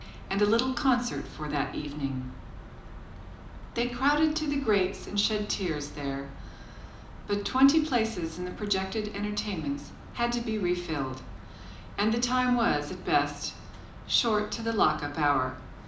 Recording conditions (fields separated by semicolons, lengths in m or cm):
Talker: one person; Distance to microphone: 2.0 m; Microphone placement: close; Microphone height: 99 cm; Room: medium-sized (5.7 m by 4.0 m); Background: none